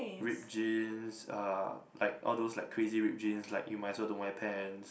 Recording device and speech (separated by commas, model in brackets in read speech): boundary microphone, conversation in the same room